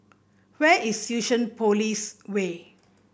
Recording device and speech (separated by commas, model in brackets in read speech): boundary microphone (BM630), read sentence